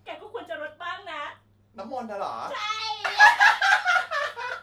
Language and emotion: Thai, happy